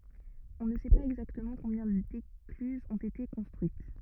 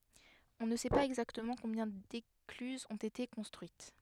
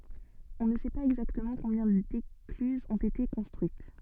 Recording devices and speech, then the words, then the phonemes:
rigid in-ear microphone, headset microphone, soft in-ear microphone, read sentence
On ne sait pas exactement combien d'écluses ont été construites.
ɔ̃ nə sɛ paz ɛɡzaktəmɑ̃ kɔ̃bjɛ̃ deklyzz ɔ̃t ete kɔ̃stʁyit

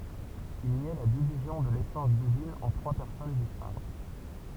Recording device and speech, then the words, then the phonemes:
temple vibration pickup, read sentence
Il niait la division de l'essence divine en trois personnes distinctes.
il njɛ la divizjɔ̃ də lesɑ̃s divin ɑ̃ tʁwa pɛʁsɔn distɛ̃kt

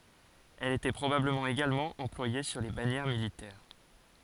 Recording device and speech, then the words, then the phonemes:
forehead accelerometer, read sentence
Elle était probablement également employée sur les bannières militaires.
ɛl etɛ pʁobabləmɑ̃ eɡalmɑ̃ ɑ̃plwaje syʁ le banjɛʁ militɛʁ

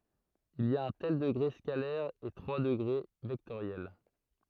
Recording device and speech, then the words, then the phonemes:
throat microphone, read sentence
Il y a un tel degré scalaire et trois degrés vectoriels.
il i a œ̃ tɛl dəɡʁe skalɛʁ e tʁwa dəɡʁe vɛktoʁjɛl

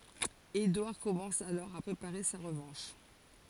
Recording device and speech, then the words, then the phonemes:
forehead accelerometer, read sentence
Édouard commence alors à préparer sa revanche.
edwaʁ kɔmɑ̃s alɔʁ a pʁepaʁe sa ʁəvɑ̃ʃ

